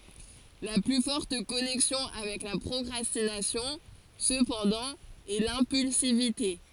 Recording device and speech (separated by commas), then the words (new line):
forehead accelerometer, read sentence
La plus forte connexion avec la procrastination, cependant, est l'impulsivité.